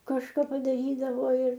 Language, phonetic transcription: Lithuanian, kažˈka padaˈrydavo ir

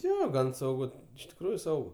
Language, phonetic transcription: Lithuanian, ˈjo ˈgan sauˈgu iš tikˈrųju ˈsaugu

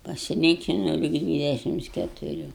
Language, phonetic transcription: Lithuanian, pasiˈlykinau lig ˈdvydešims ketuˈrių

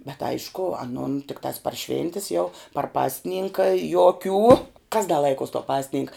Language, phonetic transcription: Lithuanian, bet ˈaišku aˈnun tikˈtās par ˈšvintis jau par ˈpasˌninka joˈkių kas da ˈlaikuos to ˈpasˌninka

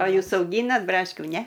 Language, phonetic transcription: Lithuanian, a ˈjūs auˈgynat ˈbraškių ˈne

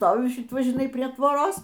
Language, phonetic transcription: Lithuanian, ˈstoviu ˈšit ˈva žiˈnai prie ˈtvoros

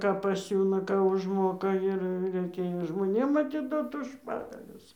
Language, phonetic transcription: Lithuanian, ˈką paˈsiūna ˈką užˈmoka ˈir reiˈkėjo žmoˈnėm atiˈdot už ˈpagalius

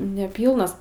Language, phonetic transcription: Lithuanian, neˈpylnas

